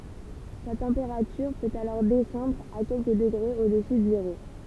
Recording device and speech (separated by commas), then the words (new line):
temple vibration pickup, read sentence
Sa température peut alors descendre à quelques degrés au-dessus de zéro.